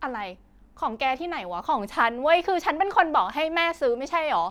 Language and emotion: Thai, angry